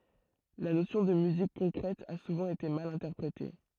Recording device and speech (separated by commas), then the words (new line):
throat microphone, read sentence
La notion de musique concrète a souvent été mal interprétée.